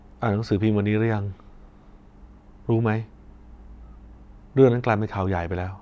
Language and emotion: Thai, frustrated